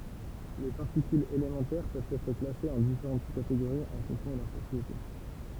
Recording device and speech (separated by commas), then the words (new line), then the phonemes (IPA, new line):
temple vibration pickup, read sentence
Les particules élémentaires peuvent être classées en différentes sous-catégories en fonction de leurs propriétés.
le paʁtikylz elemɑ̃tɛʁ pøvt ɛtʁ klasez ɑ̃ difeʁɑ̃t su kateɡoʁiz ɑ̃ fɔ̃ksjɔ̃ də lœʁ pʁɔpʁiete